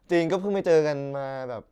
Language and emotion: Thai, neutral